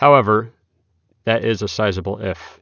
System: none